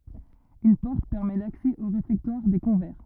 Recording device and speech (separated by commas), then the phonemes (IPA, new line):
rigid in-ear microphone, read sentence
yn pɔʁt pɛʁmɛ laksɛ o ʁefɛktwaʁ de kɔ̃vɛʁ